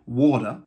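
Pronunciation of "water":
'Water' is said with an American English pronunciation, and the t sounds kind of like a d sound.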